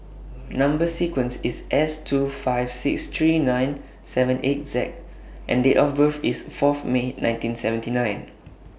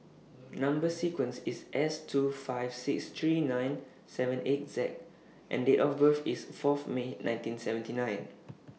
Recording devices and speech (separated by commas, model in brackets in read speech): boundary microphone (BM630), mobile phone (iPhone 6), read sentence